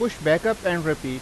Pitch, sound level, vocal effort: 165 Hz, 92 dB SPL, loud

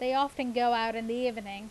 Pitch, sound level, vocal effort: 240 Hz, 89 dB SPL, loud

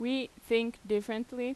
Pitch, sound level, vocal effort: 235 Hz, 87 dB SPL, loud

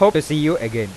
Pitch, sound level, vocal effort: 150 Hz, 93 dB SPL, normal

